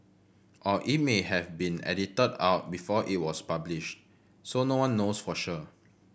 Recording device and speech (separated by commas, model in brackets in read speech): boundary microphone (BM630), read sentence